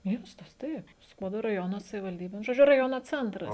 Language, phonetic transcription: Lithuanian, ˈmiestas ˈtaip ˈskuodo raˈjono savivalˈdybė nu žoˈdžiu raˈjono ˈcentras

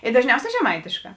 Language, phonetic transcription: Lithuanian, i dažˈniauˌsē žeˈmaitėšˌkā

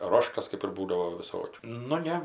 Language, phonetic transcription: Lithuanian, ˈroštas kɜp ir ˈbūdavo viˈsokių nu ˈne

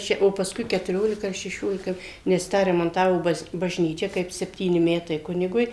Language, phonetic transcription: Lithuanian, ˈčia o paˈskui ketuˈriolika ar šeˈšiolika nes ˈtą remanˈtavo ˈbaz bažˈnyčia kaip sepˈtyni ˈmetai ˈkunigui

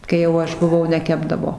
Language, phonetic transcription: Lithuanian, kai jau ˈaš buˈvau neˈkepdavo

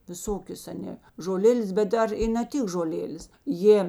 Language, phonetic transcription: Lithuanian, viˈsokios aˈnė žoˈlėlės bet ˈdar i na ˈtik žoˈlėlės ˈjė

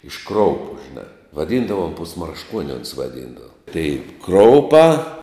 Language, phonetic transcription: Lithuanian, iš ˈkroupu žiˈnā vaˈdyndavom pusmaršˈkuoni ons vaˈdyndava tai ˈkroupā

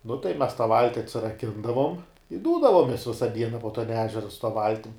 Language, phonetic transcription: Lithuanian, nu tai mes tą ˈvalti atsiraˈkindavom i ˈdūdavomes ˈvisa ˈdiena po tan ˈežera su ta ˈvaltim

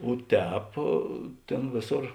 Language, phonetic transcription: Lithuanian, o ˈtēp ˈtėn ˈvėˌsor

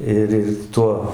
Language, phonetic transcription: Lithuanian, ˈir ˈir ˈtuo

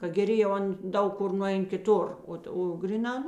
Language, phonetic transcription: Lithuanian, ka geˈri jau ˈan ˈdaug ˈkur nuˈein kiˈtur ˈot o ˈgryˌnā ˈnu

